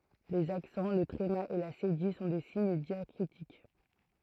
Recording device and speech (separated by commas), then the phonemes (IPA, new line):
throat microphone, read sentence
lez aksɑ̃ lə tʁema e la sedij sɔ̃ de siɲ djakʁitik